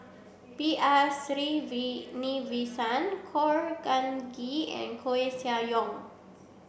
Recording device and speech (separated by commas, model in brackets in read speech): boundary microphone (BM630), read sentence